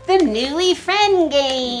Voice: very high pitched